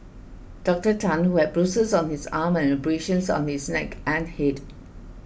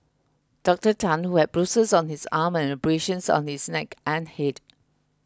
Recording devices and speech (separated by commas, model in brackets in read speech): boundary microphone (BM630), close-talking microphone (WH20), read sentence